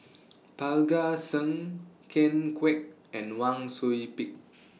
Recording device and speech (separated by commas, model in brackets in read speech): mobile phone (iPhone 6), read sentence